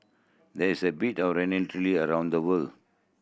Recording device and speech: boundary microphone (BM630), read sentence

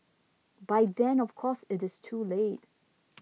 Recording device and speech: mobile phone (iPhone 6), read sentence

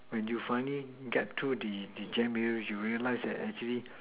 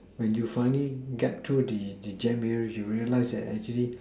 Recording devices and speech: telephone, standing microphone, conversation in separate rooms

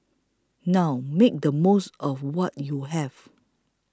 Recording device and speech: close-talking microphone (WH20), read sentence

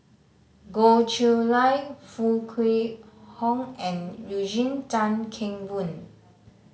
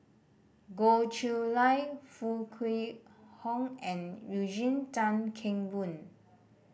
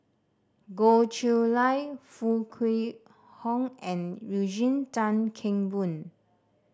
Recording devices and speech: mobile phone (Samsung C5010), boundary microphone (BM630), standing microphone (AKG C214), read sentence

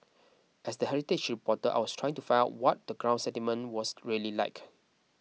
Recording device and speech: mobile phone (iPhone 6), read sentence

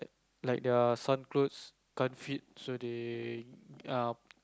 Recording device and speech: close-talking microphone, conversation in the same room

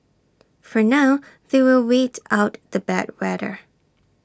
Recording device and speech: standing microphone (AKG C214), read sentence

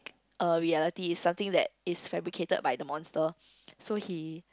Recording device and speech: close-talking microphone, conversation in the same room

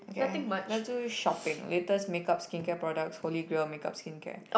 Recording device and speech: boundary microphone, conversation in the same room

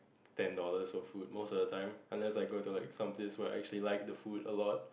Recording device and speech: boundary microphone, conversation in the same room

